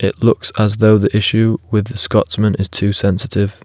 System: none